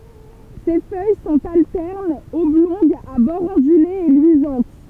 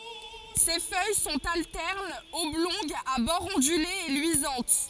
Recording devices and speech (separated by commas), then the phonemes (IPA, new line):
temple vibration pickup, forehead accelerometer, read sentence
se fœj sɔ̃t altɛʁnz ɔblɔ̃ɡz a bɔʁz ɔ̃dylez e lyizɑ̃t